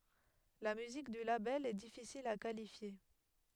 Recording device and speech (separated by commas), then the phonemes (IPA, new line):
headset microphone, read sentence
la myzik dy labɛl ɛ difisil a kalifje